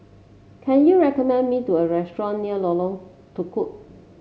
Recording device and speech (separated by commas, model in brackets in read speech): mobile phone (Samsung C7), read sentence